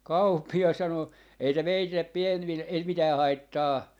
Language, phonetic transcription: Finnish, "kàuppias 'sano , » ei se 'meitillep̆ 'pien₍vil- , 'ei se "mitää "haittaa » .
- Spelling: kauppias sanoi ei se meille - ei se mitään haittaa

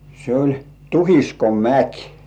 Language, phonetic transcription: Finnish, se oĺ , "Tuhiskomäk .
- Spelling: se oli Tuhiskomäki

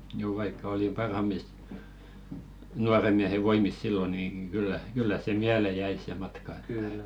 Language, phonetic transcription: Finnish, juu vaikka oli "parham̆mis , 'nuaremiähe 'voimis sillo niiŋ ɢyllä kyllä se "miäle 'jäi se 'matka ᴇttᴀ̈ .
- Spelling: juu vaikka oli parhaammissa nuorenmiehen voimissa silloin niin kyllä kyllä se mieleen jäi se matka että

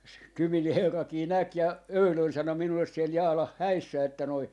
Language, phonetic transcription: Finnish, s- , "Kymin "herrakii 'näk ja , "öylön 'sano 'minulles siel 'Jaalah "häissä että noi ,.
- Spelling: - Kymin herrakin näki ja eilen sanoi minulle siellä Jaalan häissä että nuo

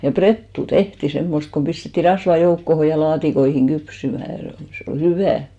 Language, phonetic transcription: Finnish, ja "prettu 'tehti 'semmost kom pistetti 'rasva 'joukkoho ja 'laatikoihiŋ 'ɢypsymä̀ , se ol , 'se ol "hyvä̀ .
- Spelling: ja prettua tehtiin semmoista kuin pistettiin rasvaa joukkoon ja laatikoihin kypsymään se oli se oli hyvää

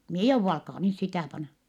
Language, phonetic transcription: Finnish, em mie jouvva alkaa nys sitä̀ pana . »
- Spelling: en minä jouda alkaa nyt sitä panna

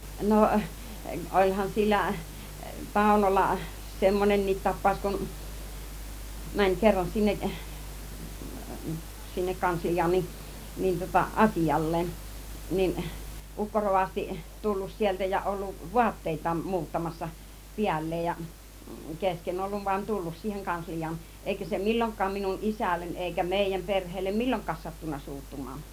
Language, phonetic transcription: Finnish, 'no , 'oĺhan 'sillä , "Tàunolla , 'semmonenniit 'tap̆pàus kun , 'mäń 'kerran 'sinne(k) , 'sinnek 'kanslij̀aan ni , nin tŭŏta "as͕ijal̀lee(n) , niin 'ukko 'rovasti , 'tullus 'sieltä ja olluv "vuatteit̆taam 'muuttamassa , "piäl̀leej ja , "kesken 'olluv vuan "tullus siiheŋ 'kanslij̆jaan , 'èikä se "mil͕l͕oŋk̆kaam minun "ˀisällen eikä 'mèijäm 'perheellem "milloŋk̆kaan sattunna 'suuttum̆maan .
- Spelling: no olihan sillä Taunolla semmoinenkin tapaus kuin meni kerran sinne sinne kansliaan niin niin tuota asialleen niin ukko rovasti tullut sieltä ja ollut vaatteitaan muuttamassa päälleen ja kesken ollut vaan tullut siihen kansliaan eikä se milloinkaan minun isälleni eikä meidän perheelle milloinkaan sattunut suuttumaan

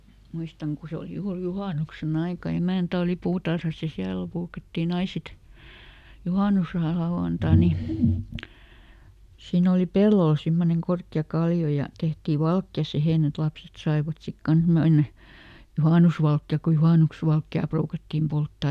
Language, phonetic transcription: Finnish, ˈmuistaŋ ku ˈse oli ˈjuur "juhànukse"n ‿aika , ˈemä̀ntä oli ˈpuutarhas ja ˈsiälᵃ̈ (pruukattiin) ˈai sit , "juhànuslauʷanta ni , ˈsiin ‿oli "pellol ˈsimmoneŋ ˈkorkki₍a ˈkalli₍o ja , ˈtehtii "valkja ˈsihèn ‿et ˈlapset saivat sit "kans mennä , "juhànusvalkki₍aˡk ku ˈjuhànuks- -valkki₍à ˈpruukattim ˈpolttà .
- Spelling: muistan kun se oli juuri juhannuksen aika emäntä oli puutarhassa ja siellä ruukattiin aina sitten juhannuslauantai niin siinä oli pellolla semmoinen korkea kallio ja tehtiin valkea siihen että lapset saivat sitten kanssa mennä juhannusvalkea kun - juhannusvalkea ruukattiin polttaa

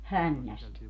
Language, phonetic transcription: Finnish, "hännäst .
- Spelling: hännästä

